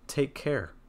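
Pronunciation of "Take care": The voice falls on 'care'.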